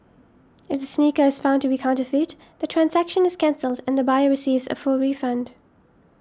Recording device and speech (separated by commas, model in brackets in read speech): standing microphone (AKG C214), read sentence